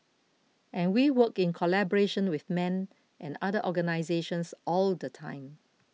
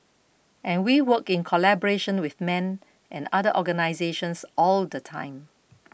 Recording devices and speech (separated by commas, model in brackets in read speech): mobile phone (iPhone 6), boundary microphone (BM630), read sentence